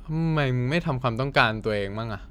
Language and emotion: Thai, frustrated